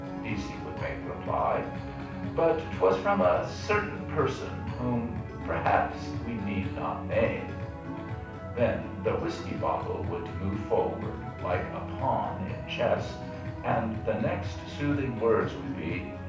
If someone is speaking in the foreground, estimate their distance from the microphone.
5.8 m.